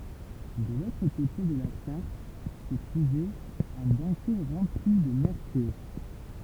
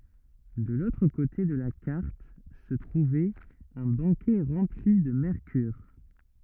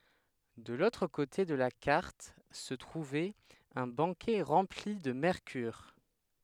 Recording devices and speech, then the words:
temple vibration pickup, rigid in-ear microphone, headset microphone, read sentence
De l'autre côté de la carte, se trouvait un baquet rempli de mercure.

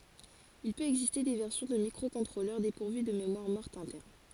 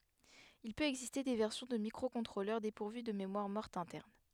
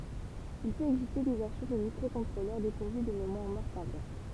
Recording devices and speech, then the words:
forehead accelerometer, headset microphone, temple vibration pickup, read sentence
Il peut exister des versions de microcontrôleurs dépourvus de mémoire morte interne.

